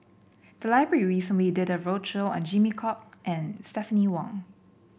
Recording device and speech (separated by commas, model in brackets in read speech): boundary microphone (BM630), read sentence